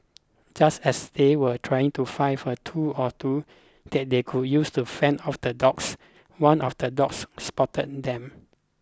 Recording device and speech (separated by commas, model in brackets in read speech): close-talking microphone (WH20), read sentence